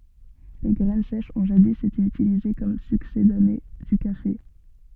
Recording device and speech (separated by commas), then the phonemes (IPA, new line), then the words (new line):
soft in-ear microphone, read sentence
le ɡʁɛn sɛʃz ɔ̃ ʒadi ete ytilize kɔm syksedane dy kafe
Les graines sèches ont jadis été utilisées comme succédané du café.